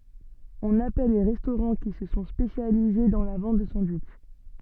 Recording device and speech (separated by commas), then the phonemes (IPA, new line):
soft in-ear microphone, read sentence
ɔ̃n apɛl le ʁɛstoʁɑ̃ ki sə sɔ̃ spesjalize dɑ̃ la vɑ̃t də sɑ̃dwitʃ